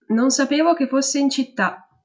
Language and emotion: Italian, neutral